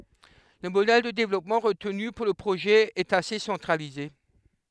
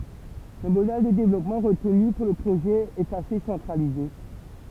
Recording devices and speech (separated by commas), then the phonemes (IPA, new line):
headset microphone, temple vibration pickup, read sentence
lə modɛl də devlɔpmɑ̃ ʁətny puʁ lə pʁoʒɛ ɛt ase sɑ̃tʁalize